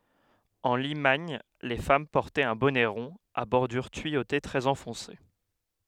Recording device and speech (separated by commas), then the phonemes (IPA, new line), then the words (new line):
headset microphone, read sentence
ɑ̃ limaɲ le fam pɔʁtɛt œ̃ bɔnɛ ʁɔ̃ a bɔʁdyʁ tyijote tʁɛz ɑ̃fɔ̃se
En Limagne les femmes portaient un bonnet rond à bordure tuyautée très enfoncé.